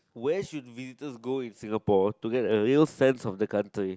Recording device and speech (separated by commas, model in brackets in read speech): close-talking microphone, conversation in the same room